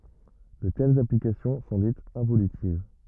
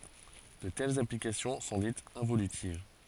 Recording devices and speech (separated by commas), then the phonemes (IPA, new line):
rigid in-ear microphone, forehead accelerometer, read sentence
də tɛlz aplikasjɔ̃ sɔ̃ ditz ɛ̃volytiv